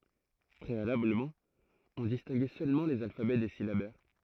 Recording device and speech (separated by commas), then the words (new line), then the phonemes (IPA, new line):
throat microphone, read sentence
Préalablement, on distinguait seulement les alphabets des syllabaires.
pʁealabləmɑ̃ ɔ̃ distɛ̃ɡɛ sølmɑ̃ lez alfabɛ de silabɛʁ